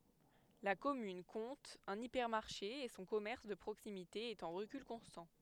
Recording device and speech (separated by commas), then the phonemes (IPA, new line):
headset microphone, read sentence
la kɔmyn kɔ̃t œ̃n ipɛʁmaʁʃe e sɔ̃ kɔmɛʁs də pʁoksimite ɛt ɑ̃ ʁəkyl kɔ̃stɑ̃